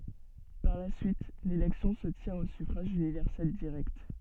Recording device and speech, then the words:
soft in-ear microphone, read sentence
Par la suite, l’élection se tient au suffrage universel direct.

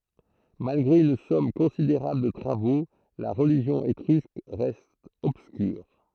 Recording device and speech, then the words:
throat microphone, read sentence
Malgré une somme considérable de travaux, la religion étrusque reste obscure.

